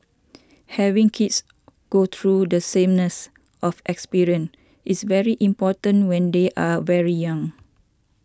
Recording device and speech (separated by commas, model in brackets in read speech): standing microphone (AKG C214), read sentence